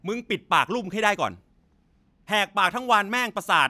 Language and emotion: Thai, angry